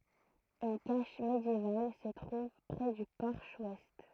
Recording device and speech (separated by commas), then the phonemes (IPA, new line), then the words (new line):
throat microphone, read sentence
yn kaʃ medjeval sə tʁuv pʁɛ dy pɔʁʃ wɛst
Une cache médiévale se trouve près du porche ouest.